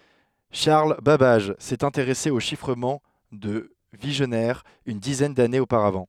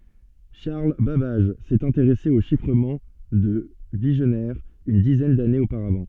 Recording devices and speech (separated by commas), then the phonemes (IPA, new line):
headset microphone, soft in-ear microphone, read sentence
ʃaʁl babaʒ sɛt ɛ̃teʁɛse o ʃifʁəmɑ̃ də viʒnɛʁ yn dizɛn danez opaʁavɑ̃